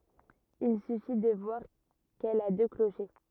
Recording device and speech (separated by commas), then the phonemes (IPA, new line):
rigid in-ear microphone, read sentence
il syfi də vwaʁ kɛl a dø kloʃe